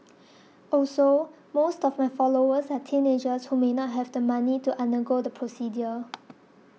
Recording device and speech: mobile phone (iPhone 6), read sentence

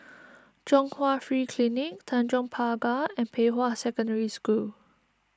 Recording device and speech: standing microphone (AKG C214), read sentence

